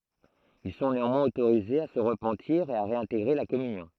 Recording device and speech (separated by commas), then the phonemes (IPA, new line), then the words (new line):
throat microphone, read sentence
il sɔ̃ neɑ̃mwɛ̃z otoʁizez a sə ʁəpɑ̃tiʁ e a ʁeɛ̃teɡʁe la kɔmynjɔ̃
Ils sont néanmoins autorisés à se repentir et à réintégrer la communion.